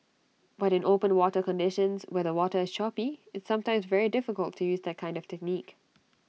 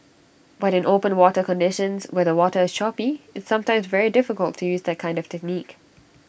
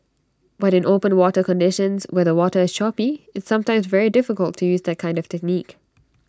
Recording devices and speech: mobile phone (iPhone 6), boundary microphone (BM630), standing microphone (AKG C214), read sentence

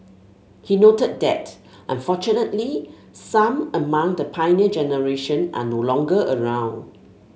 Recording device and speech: mobile phone (Samsung S8), read sentence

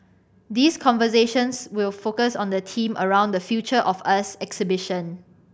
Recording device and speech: boundary microphone (BM630), read sentence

